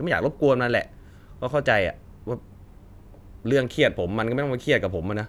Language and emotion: Thai, frustrated